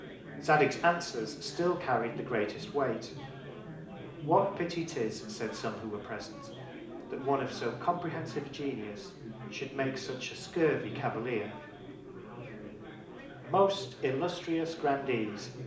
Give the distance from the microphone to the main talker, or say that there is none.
2.0 m.